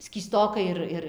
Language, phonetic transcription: Lithuanian, skyˈstokai ir ˈir

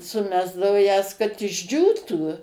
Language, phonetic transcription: Lithuanian, suˈmesdao jas kad išˈdžiūtų

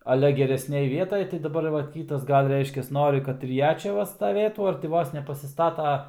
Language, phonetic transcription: Lithuanian, aˈle geresˈnėj ˈvietaj tai daˈbar ˈva ˈkytas ˈgal' ˈreiškias ˈnori ˈkad ir ˈja ˈčia ˈva staˈvėtų ar ti ˈvos nepasiˈstata

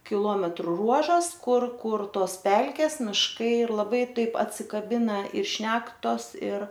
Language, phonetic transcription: Lithuanian, kiˈlometru ˈruožas ˈkur ˈkur ˈtos ˈpelkes mišˈkai ir laˈbai ˈtaip atsikaˈbina ir ˈšnektos ir

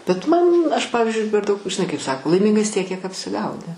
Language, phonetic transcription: Lithuanian, bet ˈman ˈaš ˈpavizdžiui per ˈdaug žiˈnai kaip ˈsako laiˈmingas ˈtiek kiek apsiˈgauni

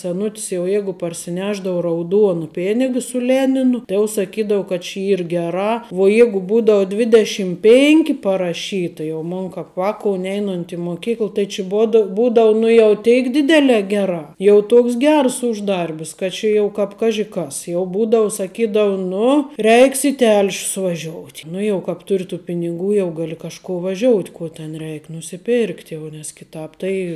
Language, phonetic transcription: Lithuanian, seˈnut's jau ˈjeigu parsiˈnešdavu rauˈduonu ˈpėniga su ˈleninu tai jau saˈkydau kad či ˈyr geˈrā vuo ˈjegu ˈbūdau ˈdvidešim ˈpėnki paraˈšyta jau ˈmon kāp ˈvākou ˈneinunt' i moˈkykl tai či ˈboda ˈbūdau nu jau ˈteik ˈdidelē ˈgerā jau ˈtuoks ˈgers ˈuždarbis kad ˈčia jau ˈkāp ˈkaži kas jau ˈbūdau saˈkydavu ˈnu ˈreiks i tel'š's vaˈžiout' ˈnu jau kāp ˈtur' tų piniˈgų ˈjau ˈgali kažˈko vaˈžiout' ˈko ten ˈreik nusiˈpėrkt' jau nes kiˈtāp ˈtai

